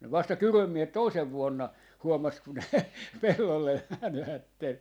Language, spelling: Finnish, ne vasta Kyrön miehet toisena vuonna huomasi kun ne pellolle menivät
- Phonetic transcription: ne 'vasta "Kyröm 'miehet "toisev 'vuonna , 'huomas ku ne , 'pellolle mänvätten .

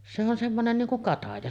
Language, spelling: Finnish, se on semmoinen niin kuin kataja
- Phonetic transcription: se on semmonen 'niiŋ kuŋ 'kataja .

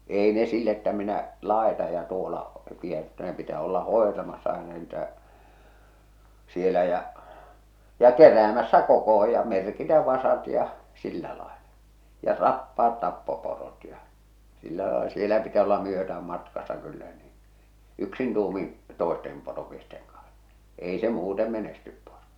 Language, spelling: Finnish, ei ne sillä että minä laitan ja tuolla pidän mutta ne pitää olla hoitamassa aina niitä siellä ja ja keräämässä kokoon ja merkitä vasat ja sillä lailla ja tappaa tappoporot ja sillä lailla siellä pitäisi olla myötään matkassa kyllä niin yksin tuumin toisten poromiesten kanssa ei se muuten menesty poro
- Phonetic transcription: èi ne sill ‿että minä , 'làeta ja tuola , 'piä mutta ne pitä̳ olla "hòetamassa aena niitä , 'sielä jä , ja "keräämässä "kokoho ja "merkitä 'vasat ja , 'sillä laelᴀ , ja "r̳appaat 'tappo'porot ja , sillä laela sielä pitäs olla 'myötääm matkassa kyllä niin̬ , 'yksin tuumin̬ , "tòestem poromiesteŋ kaɴs , 'ei se "muute 'menestyp porᴏ .

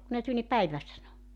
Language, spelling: Finnish, kun ne tuli niin päivä sanoi
- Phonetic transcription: ku ne 'tul ni » "päivä « sano .

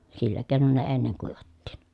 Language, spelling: Finnish, sillä keinoin ne ennen kuivattiin
- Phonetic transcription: sillä kèi̮non ne enneŋ kuivattiin .

